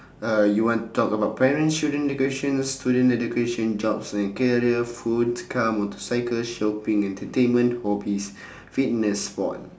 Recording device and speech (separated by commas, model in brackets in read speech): standing microphone, conversation in separate rooms